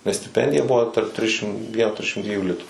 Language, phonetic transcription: Lithuanian, nes stiˈpendija ˈbuvo tarp ˈtrišim ˈvien ˈtrišim ˈdviejų ˈlitų

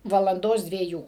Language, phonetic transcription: Lithuanian, valanˈdos dvieˈjų

